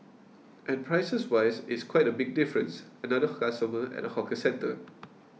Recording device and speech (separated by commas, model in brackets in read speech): mobile phone (iPhone 6), read sentence